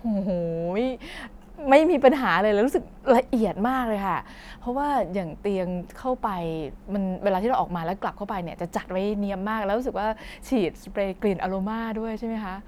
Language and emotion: Thai, happy